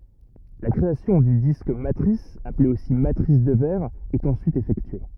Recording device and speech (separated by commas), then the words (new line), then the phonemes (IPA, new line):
rigid in-ear microphone, read sentence
La création du disque matrice, appelé aussi matrice de verre, est ensuite effectuée.
la kʁeasjɔ̃ dy disk matʁis aple osi matʁis də vɛʁ ɛt ɑ̃syit efɛktye